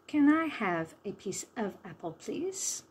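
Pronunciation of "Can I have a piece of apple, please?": The sentence is said slowly, and 'a' and 'of' in 'a piece of apple' have the schwa sound.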